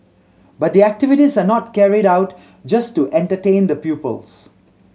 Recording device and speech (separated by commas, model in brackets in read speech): mobile phone (Samsung C7100), read sentence